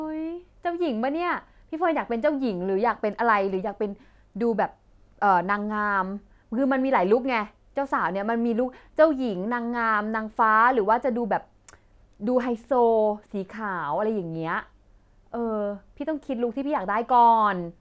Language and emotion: Thai, frustrated